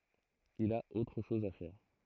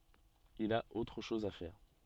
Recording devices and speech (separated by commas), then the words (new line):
throat microphone, soft in-ear microphone, read sentence
Il a autre chose à faire.